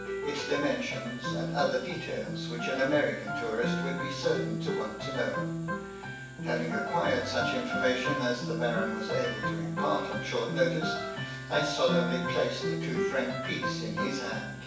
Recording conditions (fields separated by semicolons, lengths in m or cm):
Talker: one person; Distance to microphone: 9.8 m; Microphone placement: far; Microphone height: 1.8 m; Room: large; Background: music